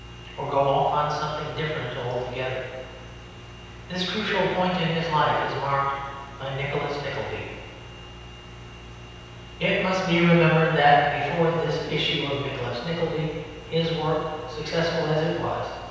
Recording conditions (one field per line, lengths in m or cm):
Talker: one person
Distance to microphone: 7.1 m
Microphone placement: far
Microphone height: 1.7 m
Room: very reverberant, large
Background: none